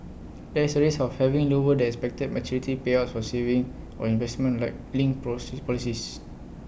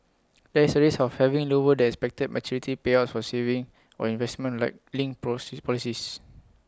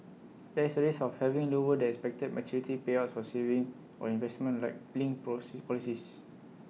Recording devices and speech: boundary microphone (BM630), close-talking microphone (WH20), mobile phone (iPhone 6), read sentence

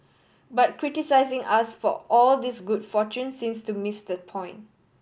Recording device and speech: boundary microphone (BM630), read sentence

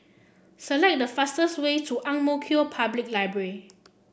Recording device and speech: boundary microphone (BM630), read sentence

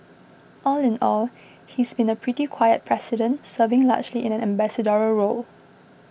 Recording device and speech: boundary microphone (BM630), read sentence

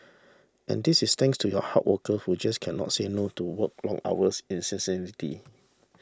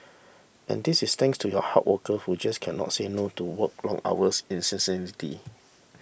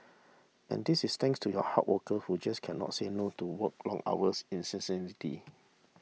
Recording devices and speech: standing microphone (AKG C214), boundary microphone (BM630), mobile phone (iPhone 6), read sentence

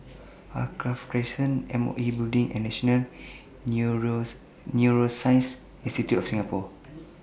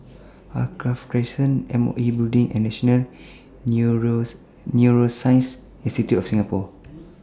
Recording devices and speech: boundary microphone (BM630), standing microphone (AKG C214), read sentence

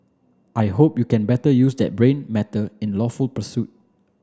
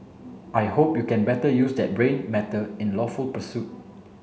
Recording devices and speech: standing microphone (AKG C214), mobile phone (Samsung C7), read sentence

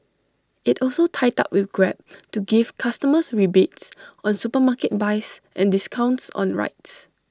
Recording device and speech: standing microphone (AKG C214), read sentence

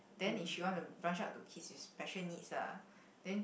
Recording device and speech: boundary microphone, conversation in the same room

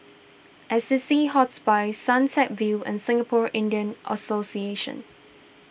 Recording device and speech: boundary microphone (BM630), read sentence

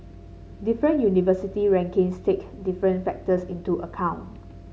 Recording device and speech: mobile phone (Samsung C7), read sentence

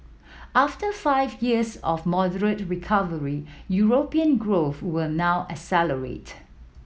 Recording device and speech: mobile phone (iPhone 7), read sentence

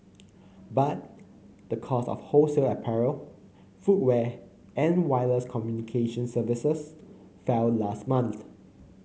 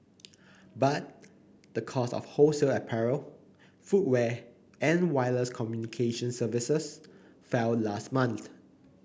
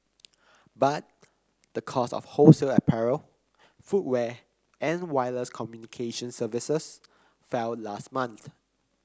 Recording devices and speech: mobile phone (Samsung C9), boundary microphone (BM630), close-talking microphone (WH30), read sentence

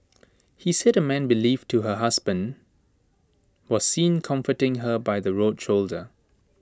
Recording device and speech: standing microphone (AKG C214), read sentence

